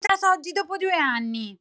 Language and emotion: Italian, angry